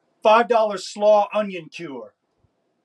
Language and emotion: English, fearful